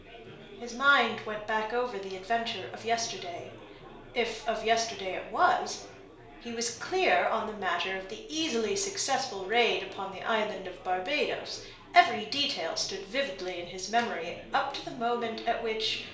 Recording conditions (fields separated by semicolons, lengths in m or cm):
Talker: one person; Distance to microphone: 1.0 m; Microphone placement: close; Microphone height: 1.1 m; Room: small (3.7 m by 2.7 m); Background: babble